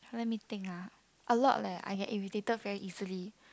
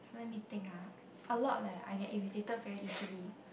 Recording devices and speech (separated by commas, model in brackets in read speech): close-talking microphone, boundary microphone, conversation in the same room